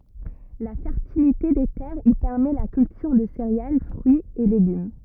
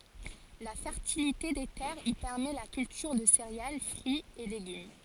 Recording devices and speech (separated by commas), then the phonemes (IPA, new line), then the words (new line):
rigid in-ear microphone, forehead accelerometer, read sentence
la fɛʁtilite de tɛʁz i pɛʁmɛ la kyltyʁ də seʁeal fʁyiz e leɡym
La fertilité des terres y permet la culture de céréales, fruits et légumes.